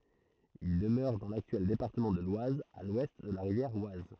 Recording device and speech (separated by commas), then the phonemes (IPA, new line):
throat microphone, read sentence
il dəmøʁɛ dɑ̃ laktyɛl depaʁtəmɑ̃ də lwaz a lwɛst də la ʁivjɛʁ waz